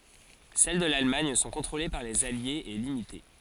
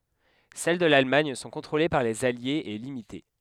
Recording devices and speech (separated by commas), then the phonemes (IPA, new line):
forehead accelerometer, headset microphone, read sentence
sɛl də lalmaɲ sɔ̃ kɔ̃tʁole paʁ lez aljez e limite